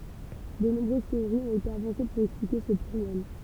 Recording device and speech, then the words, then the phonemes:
temple vibration pickup, read sentence
De nombreuses théories ont été avancées pour expliquer ce pluriel.
də nɔ̃bʁøz teoʁiz ɔ̃t ete avɑ̃se puʁ ɛksplike sə plyʁjɛl

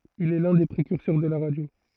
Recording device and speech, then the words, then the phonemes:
throat microphone, read sentence
Il est l'un des précurseurs de la radio.
il ɛ lœ̃ de pʁekyʁsœʁ də la ʁadjo

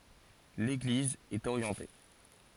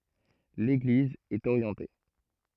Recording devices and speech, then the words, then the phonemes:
forehead accelerometer, throat microphone, read sentence
L'église est orientée.
leɡliz ɛt oʁjɑ̃te

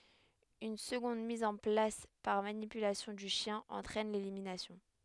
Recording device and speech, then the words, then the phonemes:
headset microphone, read sentence
Une seconde mise en place par manipulation du chien entraîne l'élimination.
yn səɡɔ̃d miz ɑ̃ plas paʁ manipylasjɔ̃ dy ʃjɛ̃ ɑ̃tʁɛn leliminasjɔ̃

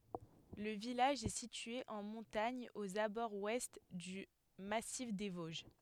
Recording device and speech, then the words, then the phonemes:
headset microphone, read sentence
Le village est situé en montagne aux abords ouest du Massif des Vosges.
lə vilaʒ ɛ sitye ɑ̃ mɔ̃taɲ oz abɔʁz wɛst dy masif de voʒ

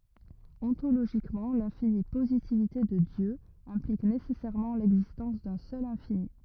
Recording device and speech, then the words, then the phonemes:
rigid in-ear microphone, read sentence
Ontologiquement, l'infinie positivité de Dieu implique nécessairement l'existence d'un seul infini.
ɔ̃toloʒikmɑ̃ lɛ̃fini pozitivite də djø ɛ̃plik nesɛsɛʁmɑ̃ lɛɡzistɑ̃s dœ̃ sœl ɛ̃fini

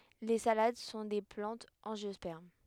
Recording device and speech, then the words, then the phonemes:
headset microphone, read sentence
Les salades sont des plantes angiospermes.
le salad sɔ̃ de plɑ̃tz ɑ̃ʒjɔspɛʁm

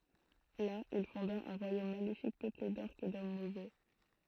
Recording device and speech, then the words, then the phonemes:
throat microphone, read sentence
Là, il fonda un royaume maléfique peuplé d'Orques et d'hommes mauvais.
la il fɔ̃da œ̃ ʁwajom malefik pøple dɔʁkz e dɔm movɛ

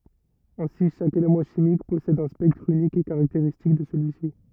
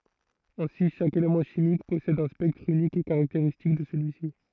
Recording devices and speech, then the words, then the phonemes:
rigid in-ear microphone, throat microphone, read sentence
Ainsi chaque élément chimique possède un spectre unique et caractéristique de celui-ci.
ɛ̃si ʃak elemɑ̃ ʃimik pɔsɛd œ̃ spɛktʁ ynik e kaʁakteʁistik də səlyi si

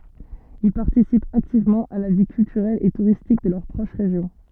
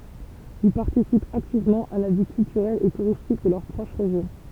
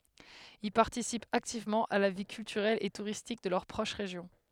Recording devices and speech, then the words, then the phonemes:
soft in-ear microphone, temple vibration pickup, headset microphone, read sentence
Ils participent activement à la vie culturelle et touristique de leur proche région.
il paʁtisipt aktivmɑ̃ a la vi kyltyʁɛl e tuʁistik də lœʁ pʁɔʃ ʁeʒjɔ̃

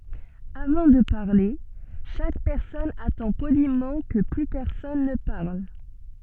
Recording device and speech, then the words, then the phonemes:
soft in-ear microphone, read sentence
Avant de parler, chaque personne attend poliment que plus personne ne parle.
avɑ̃ də paʁle ʃak pɛʁsɔn atɑ̃ polimɑ̃ kə ply pɛʁsɔn nə paʁl

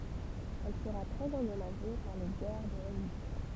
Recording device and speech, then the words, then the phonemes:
temple vibration pickup, read sentence
Elle sera très endommagée par les guerres de religion.
ɛl səʁa tʁɛz ɑ̃dɔmaʒe paʁ le ɡɛʁ də ʁəliʒjɔ̃

